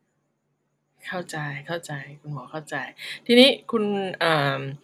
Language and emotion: Thai, neutral